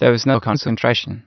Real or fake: fake